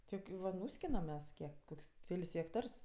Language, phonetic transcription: Lithuanian, ˈtiek ˈva ˈnūskinam ˈmes ˈkiek ˈkok's' ˈkel's' hekˈtars

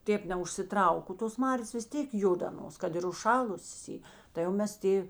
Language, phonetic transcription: Lithuanian, ˈtėp neužsiˈtrauk o tos ˈmarės vis ˈtėk ˈjud aˈnos ˈkad ir užˈšalusės ˈy tai jau ˈmes ˈtė

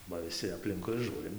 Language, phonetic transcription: Lithuanian, ba viˈsi apˈlinkui ˈžūrim

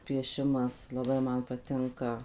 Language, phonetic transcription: Lithuanian, pieˈšimas laˈbai ˈman paˈtinka

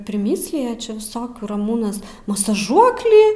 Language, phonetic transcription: Lithuanian, priˈmyslija čia viˈsokių raˈmūnas masaˈžuoklį

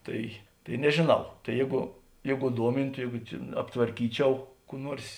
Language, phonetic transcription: Lithuanian, ˈtai tai nežėˈnau tai ˈjėgu ˈjėgu ˈduomintu ˈjėgu čia aptvarˈkyˌčiau kų ˈnuors

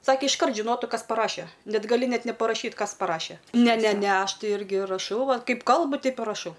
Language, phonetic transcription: Lithuanian, ˈsakė išˈkart žiˈnotu ˈkas paˈraše ˈnet gaˈli ˈnet neparaˈšyt ˈkas paˈraše ˈne ˈne ˈne ˈaš ˈtai ˈirgi raˈšau ˈvat ˈkaip ˈkalbu ˈteip i raˈšau

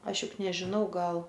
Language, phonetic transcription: Lithuanian, ˈaš ˈjuk nežiˈnau ˈgal

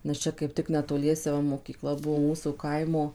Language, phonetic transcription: Lithuanian, nes ˈčia kaip ˈtik netoˈliese ˈva mokyˈkla ˈbuo ˈmūsų ˈkaimo

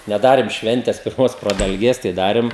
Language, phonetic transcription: Lithuanian, neˈdarėm ˈšventes pirˈmos pradalˈgės tai ˈdarėm

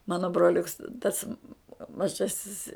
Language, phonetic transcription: Lithuanian, ˈmano broˈliuks tas maˈžasis

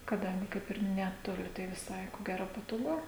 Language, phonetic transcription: Lithuanian, kaˈdangi ˈkaip ir ˌnetoˈli tai viˈsai ko ˈgero patoˈgu

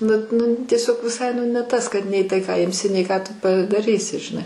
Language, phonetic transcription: Lithuanian, nu ˈnu tieˈsiog viˈsai nu ne ˈtas kad nei ˈtai ką ˈimsi nei ˈką ˈtu padaˈrysi žiˈnai

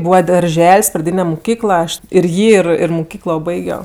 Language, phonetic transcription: Lithuanian, ˈbūva darˈžel's' praˈdyne muˈkykla aš ir ˈjį ir ir muˈkyklo ˈbaigio

